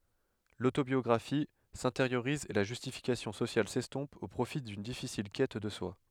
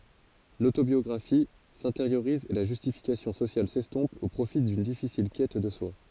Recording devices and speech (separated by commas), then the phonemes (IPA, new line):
headset microphone, forehead accelerometer, read sentence
lotobjɔɡʁafi sɛ̃teʁjoʁiz e la ʒystifikasjɔ̃ sosjal sɛstɔ̃p o pʁofi dyn difisil kɛt də swa